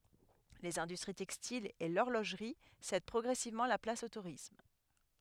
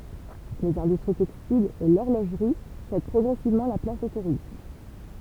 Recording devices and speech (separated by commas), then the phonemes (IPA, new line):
headset microphone, temple vibration pickup, read sentence
lez ɛ̃dystʁi tɛkstilz e lɔʁloʒʁi sɛd pʁɔɡʁɛsivmɑ̃ la plas o tuʁism